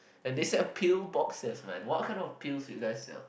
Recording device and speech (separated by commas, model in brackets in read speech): boundary microphone, conversation in the same room